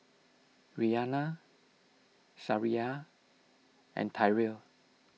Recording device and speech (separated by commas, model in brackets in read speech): mobile phone (iPhone 6), read sentence